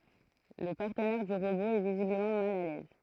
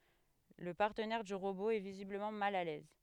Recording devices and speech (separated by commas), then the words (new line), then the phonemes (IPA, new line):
throat microphone, headset microphone, read sentence
Le partenaire du robot est visiblement mal à l'aise...
lə paʁtənɛʁ dy ʁobo ɛ vizibləmɑ̃ mal a lɛz